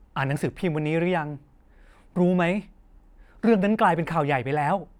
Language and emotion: Thai, frustrated